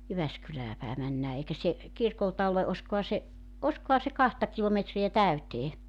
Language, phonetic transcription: Finnish, 'Jyväskylää päe 'männää 'eikä se , 'kirkolta ole '’oskoha se , '’oskoha se 'kahta kilometri₍ä "täytee .
- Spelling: Jyväskylään päin mennään eikä se kirkolta ole olisikohan se olisikohan se kahta kilometriä täyteen

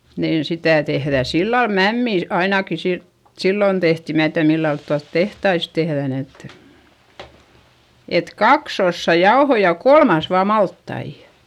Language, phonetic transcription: Finnish, niin sitä tehδä sillal mämmì , ainaki si- , sillon tehti - mää tiäδ millalt tualt tehtais tehδän et , et kaks ‿ossa jaohoi ja kolmas vaa malttaijA .
- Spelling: niin sitä tehdään sillä lailla mämmiä ainakin - silloin tehtiin minä tiedä millä lailla tuolla tehtaissa tehdään että että kaksi osaa jauhoja ja kolmas vain maltaita

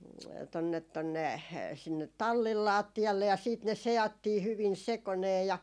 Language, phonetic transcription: Finnish, tonnet tonne , sinnet 'tallil "laatti₍alle ja siit ne 'se₍attii 'hyvin "sekonee ja .
- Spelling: tuonne tuonne sinne tallin lattialle ja sitten ne seattiin hyvin sekoineen ja

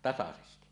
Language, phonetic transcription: Finnish, 'tasasesti .
- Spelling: tasaisesti

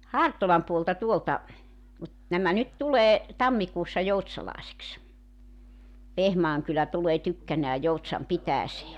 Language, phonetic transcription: Finnish, "Hartolam puolta 'tuolta , mut , nämä nyt 'tulee , 'tammikuussa 'jout̳s̳§alàesiks 'Vehmaaŋ kylä 'tulee 'tykkänää 'Joutsam 'pitääsee .
- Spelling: Hartolan puolta tuolta mutta nämä nyt tulee tammikuussa joutsalaiseksi Vehmaan kylä tulee tykkänään Joutsan pitäjään

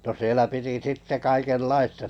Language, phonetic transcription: Finnish, no 'sielä piti "sitte 'kaikel'laista .
- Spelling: no siellä piti sitten kaikenlaista

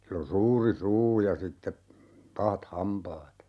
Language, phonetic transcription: Finnish, 'sill ‿on̬ "suuri "suu ja 'sitte , "pahat 'hampaat .
- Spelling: sillä on suuri suu ja sitten pahat hampaat

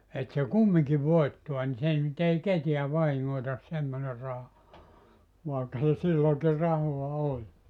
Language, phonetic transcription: Finnish, et se "kummiŋki 'voittua ni 'se ny't ‿ei "ketiä 'vahiŋŋoitas 'semmone 'raha , 'vàekka se 'sillooŋki 'rahoa "oĺ .
- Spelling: että se kumminkin voittaa niin se nyt ei ketään vahingoita semmoinen raha vaikka se silloinkin rahaa oli

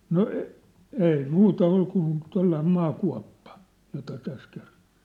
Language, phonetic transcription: Finnish, no , 'ei "muuta 'ol kun , 'tollaim 'maa'kua̭ppa , jota täs kerrᴏ .
- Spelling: no ei muuta oli kuin tuollainen maakuoppa jota tässä kerroin

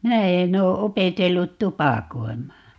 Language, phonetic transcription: Finnish, 'minä 'en ‿oo 'opetellut "tupàkoim̀aa .
- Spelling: minä en ole opetellut tupakoimaan

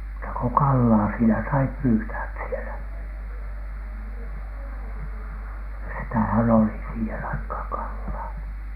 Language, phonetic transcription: Finnish, muuta ko "kallaa siinä sai 'pyytääᵗ̳ sielä , ja sitähän "oli siihen aikhaaŋ 'kallaa .
- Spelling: muuta kuin kalaa siinä sai pyytää siellä ja sitähän oli siihen aikaan kalaa

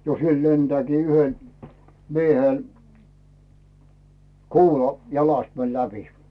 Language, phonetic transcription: Finnish, 'jo siel 'lentᵉääkii 'yhen , 'miehèl , "kuula jalast mɛl 'läpi .
- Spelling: jo siellä lentääkin yhden miehellä kuula jalasta meni läpi

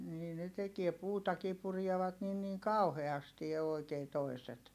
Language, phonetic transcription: Finnish, nii ne tekie puutakii purievat nin niŋ kauheasti òi̮kee toi̮set .
- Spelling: niin ne tekee puutakin purevat niin niin kauheasti oikein toiset

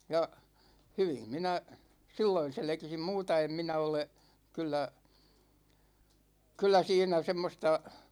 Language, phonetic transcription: Finnish, 'ja , "hyvim minä , "silloin̬ 'selᵉkisim "muuta 'em 'minä ole , 'kyllä , 'kyllä 'siinä 'semmosta ,.
- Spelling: ja hyvin minä silloin selkisin muuta en minä ole kyllä kyllä siinä semmoista

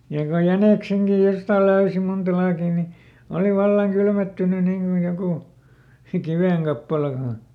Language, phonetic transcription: Finnish, ja ko ˈjänèkseŋkij ˈjostàl ˈlöysi munta ˈlaakì ni , ˈoli ˈvallaŋ ˈkylmettyny niŋ kuj ˈjokù , "kivèŋkappala (ko on) .
- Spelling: ja kun jäniksenkin jostakin löysi monta laakia niin oli vallan kylmettynyt niin kuin joku kivenkappale kun on

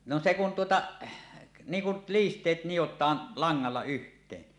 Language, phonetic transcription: Finnish, no se kun 'tuota , 'niiŋ kul "liist̀eet 'nijot̀aan , 'laŋŋalla yht̀een .
- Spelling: no se kun tuota niin kuin liisteet nidotaan langalla yhteen

